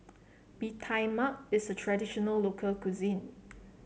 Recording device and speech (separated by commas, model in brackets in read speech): mobile phone (Samsung C7), read sentence